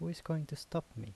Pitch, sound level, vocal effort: 145 Hz, 77 dB SPL, soft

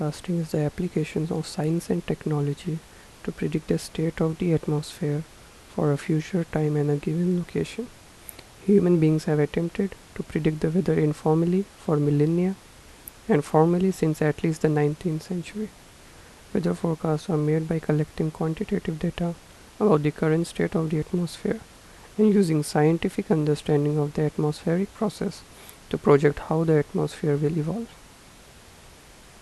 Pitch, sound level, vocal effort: 160 Hz, 78 dB SPL, soft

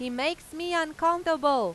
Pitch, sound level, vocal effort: 320 Hz, 96 dB SPL, very loud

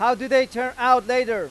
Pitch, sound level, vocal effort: 250 Hz, 103 dB SPL, very loud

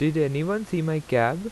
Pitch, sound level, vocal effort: 155 Hz, 86 dB SPL, normal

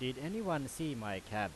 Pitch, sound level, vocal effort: 130 Hz, 92 dB SPL, very loud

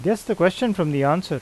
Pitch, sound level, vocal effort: 180 Hz, 86 dB SPL, normal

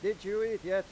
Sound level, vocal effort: 100 dB SPL, loud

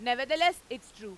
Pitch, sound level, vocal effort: 245 Hz, 102 dB SPL, very loud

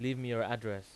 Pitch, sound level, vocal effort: 115 Hz, 89 dB SPL, loud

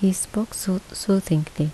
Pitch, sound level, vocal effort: 190 Hz, 72 dB SPL, soft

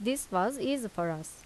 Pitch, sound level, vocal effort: 195 Hz, 83 dB SPL, normal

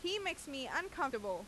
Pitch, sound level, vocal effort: 285 Hz, 91 dB SPL, loud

